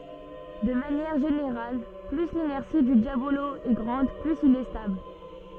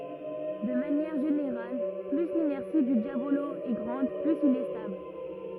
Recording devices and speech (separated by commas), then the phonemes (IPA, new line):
soft in-ear microphone, rigid in-ear microphone, read sentence
də manjɛʁ ʒeneʁal ply linɛʁsi dy djabolo ɛ ɡʁɑ̃d plyz il ɛ stabl